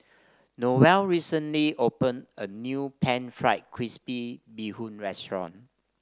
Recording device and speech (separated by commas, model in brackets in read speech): standing microphone (AKG C214), read sentence